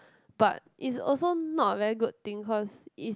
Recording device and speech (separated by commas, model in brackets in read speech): close-talking microphone, conversation in the same room